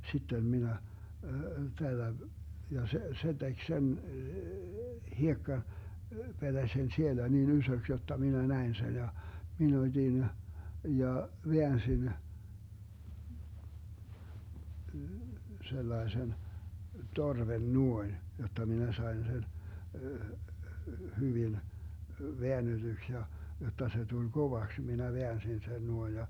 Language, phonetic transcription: Finnish, 'sittem 'minä , tällä , 'ja se , 'se 'tek "sen , 'hiekka- , -'peDäsen sielä nin 'ysöks jotta minä 'näin sen ja , mi'n ‿ot́in , 'ja , 'veänsin , 'sellaesen , 'torven "nuoin , jotta minä 'sai̮n sen , 'hyvil- , 'veänneDyks ja , 'jotta se tuĺ "Govaks minä 'veänsin sen 'nuoij ja .
- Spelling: sitten minä tällä ja se se teki sen - hiekkapetäsen siellä niin isoksi jotta minä näin sen ja minä otin ja väänsin sellaisen torven noin jotta minä sain sen - väännetyksi ja jotta se tuli kovaksi minä väänsin sen noin ja

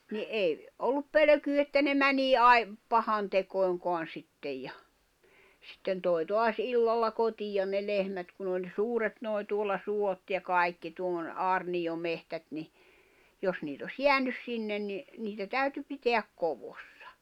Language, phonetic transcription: Finnish, ni '’ei , ollup 'pölᵒ̈kyy että ne 'mänii 'ai- , 'pahantekòi̬ŋkoan 'sittej ja , sitten tòi̬ 'toas "’illalla 'kot́ijan ne 'lehmät kun ‿oĺ "suuret nòi̬ tuolla 'suot ja 'kai̬kki (tuolla ne) 'aarniʲomehtät ni , 'jos niit ‿os "jeänys 'sinnen ni , niitä 'täyty 'piteäk 'kovossᴀ .
- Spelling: niin ei ollut pelkoa että ne menee - pahantekoihinkaan sitten ja sitten toi taas illalla kotia ne lehmät kun oli suuret nuo tuolla suot ja kaikki tuolla ne aarniometsät niin jos niitä olisi jäänyt sinne niin niitä täytyi pitää koossa

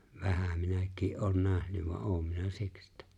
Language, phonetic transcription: Finnish, vähäm̆ 'minäk̀ii’ ’oon 'nähnyv voa’ '’oom minä 'siks ‿ᴇttᴀ̈ ,.
- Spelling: vähän minäkin olen nähnyt vaan olen minä siksi että

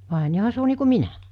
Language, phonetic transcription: Finnish, 'vàe n(i) 'joha se o nii ku "minä .
- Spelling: vai niin johan se on niin kuin minä

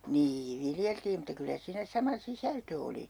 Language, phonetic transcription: Finnish, "nii 'viljeltii mutta 'kyllä 'siinä "sama "sisältö oli .
- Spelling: niin viljeltiin mutta kyllä siinä sama sisältö oli

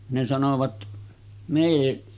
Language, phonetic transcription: Finnish, ne sanovat , (»mee«) .
- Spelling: ne sanoivat mene

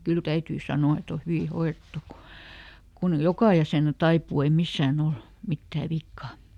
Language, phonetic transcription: Finnish, » ˈkyl ˈtäytyy ˈsano₍a et ‿o ˈhyvi ˈhoirettu ku , ˈkun "jokà jäsènä ˈtaipuu ei ˈmissääˈn ‿ol , ˈmittää ˈvikka » .
- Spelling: kyllä täytyy sanoa että on hyvin hoidettu kun kun joka jäsen taipuu ei missään ole mitään vikaa

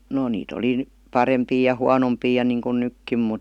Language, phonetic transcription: Finnish, no nii't ‿oli n̥ , "parempii ja "huanompii ja 'nìŋkun "nykkim mut ,.
- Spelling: no niitä oli - parempia ja huonompia ja niin kun nytkin mutta

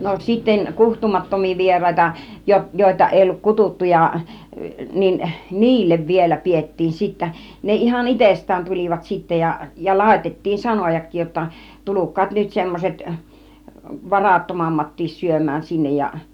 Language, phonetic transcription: Finnish, no 'sitten 'kuhtumattom̆mii 'vier̀àita , 'jo- , 'joita èi olluk "kututtu ja , niin , "ni̬illev vielä 'piettiim sittä , 'ne ihan "itest̆tään 'tul͕ivat sittä ja , ja "làitet̀tiin "sanojak̆kiij jotta , "tuluk̆kaat nyt 'semmoset , "varattomammattiis 'syöm̆mään sinnej ja .
- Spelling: no sitten kutsumattomia vieraita - joita ei ollut kutsuttu ja niin niille vielä pidettiin sitten ne ihan itsestään tulivat sitten ja ja laitettiin sanojakin jotta tulkaa nyt semmoiset varattomammatkin syömään sinne ja

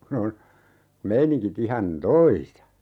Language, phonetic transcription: Finnish, kun ‿on , 'meiniŋki't ‿ihan "toisa .
- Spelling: kun on meiningit ihan toisa

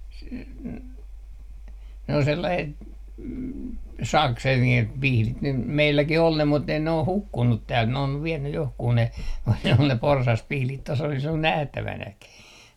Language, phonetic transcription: Finnish, s- , n- , ne ‿o sellaset , "sakset (nii ku) "pihlit nym 'meilläki"h ‿ol ne mut ne oh "hukkunnut 'täält , ne on 'vienny 'johkuu ne ku ne ol ne 'porsaspihlit tos ‿olis ‿ol 'nähtävänäki .
- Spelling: - - ne on sellaiset sakset niin kuin pihdit nyt meilläkin oli ne mutta ne on hukkunut täältä ne on vienyt johonkin ne kun ne oli ne porsaspihdit tuossa olisi ollut nähtävänäkin

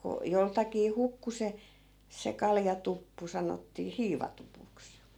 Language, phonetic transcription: Finnish, ko , 'joltakii 'hukku se , se 'kaljatuppu 'sanottii "hiivatupuks .
- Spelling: kun joltakin hukkui se se kaljatuppu sanottiin hiivatupuksi

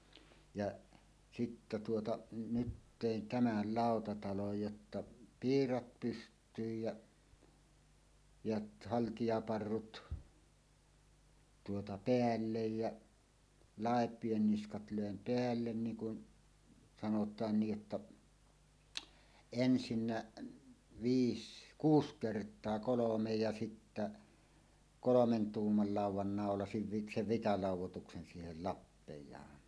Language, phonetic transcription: Finnish, jaˀ , 'sittä tuota , "nyt 'tèin 'tämäl "làotataloj jotta , "piirat 'pyst̀yyj ja , jat "haltijaparrut , tuota "peällej ja , "làep̀ien 'niskat lö̀em "peällen 'niiŋ kun , sanot̀aan 'ni ˀᵊttä , "ensinnä 'viis "kuus "kert̀a̳a̳ 'kolomej ja sittä , "kolomen "tuummal 'làuw̆wan nàolasiv vi- "sev 'vitalàuw̆wotuksen 'siihel "lappej̀aan .
- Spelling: ja sitten tuota nyt tein tämän lautatalon jotta piirat pystyyn ja ja haltijaparrut tuota päälle ja läpien niskat löin päälle niin kuin sanotaan niin että ensin viisi kuusi kertaa kolme ja sitten kolmen tuuman laudan naulasin - sen vitalaudoituksen siihen lappeaan

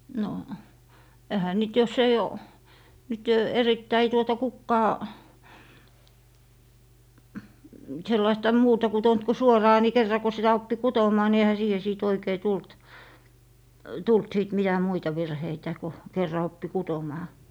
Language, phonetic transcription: Finnish, no , ehä 'niit jos ‿ei o , nyt 'erittäi tuota 'kukkaa , 'sellaista 'muuta kutont ku "suoraa ni kerra ko 'sitä oppi "kutom̀aa ni ehä siihe sìt 'oikei 'tult , 'tult 'sìt mitä "muita 'virheitä ko , 'kerra 'oppi "kutomaa .
- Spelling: no eihän niitä jos ei ole nyt erittäin tuota kukaan sellaista muuta kutonut kuin suoraa niin kerran kun sitä oppi kutomaan niin eihän siihen sitten oikein tullut tullut sitten mitä muita virheitä kun kerran oppi kutomaan

